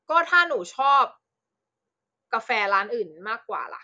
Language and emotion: Thai, frustrated